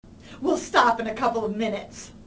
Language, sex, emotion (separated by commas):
English, female, angry